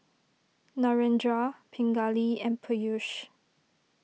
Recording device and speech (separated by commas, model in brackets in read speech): mobile phone (iPhone 6), read sentence